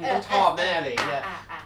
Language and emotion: Thai, happy